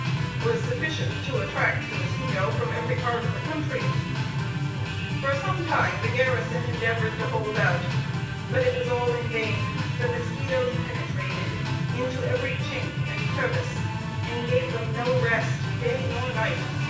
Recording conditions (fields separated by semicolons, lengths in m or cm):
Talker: one person; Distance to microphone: 9.8 m; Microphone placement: far; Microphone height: 1.8 m; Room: large; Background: music